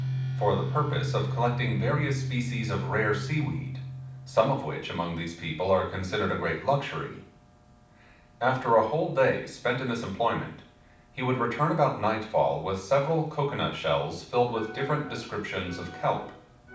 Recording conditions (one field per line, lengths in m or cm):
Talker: one person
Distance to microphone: 5.8 m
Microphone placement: far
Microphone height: 1.8 m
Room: medium-sized (5.7 m by 4.0 m)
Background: music